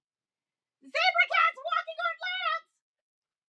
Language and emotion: English, neutral